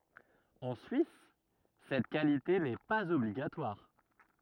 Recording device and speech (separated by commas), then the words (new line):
rigid in-ear microphone, read sentence
En Suisse cette qualité n'est pas obligatoire.